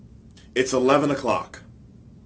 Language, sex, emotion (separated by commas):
English, male, angry